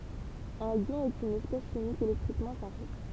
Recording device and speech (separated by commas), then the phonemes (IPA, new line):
temple vibration pickup, read sentence
œ̃n jɔ̃ ɛt yn ɛspɛs ʃimik elɛktʁikmɑ̃ ʃaʁʒe